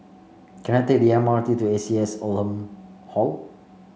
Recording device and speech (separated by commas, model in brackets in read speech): mobile phone (Samsung C5), read sentence